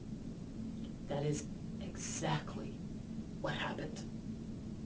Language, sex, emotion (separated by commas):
English, female, disgusted